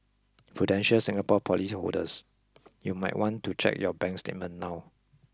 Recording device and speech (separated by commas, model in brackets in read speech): close-talking microphone (WH20), read sentence